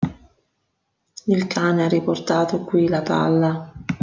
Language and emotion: Italian, sad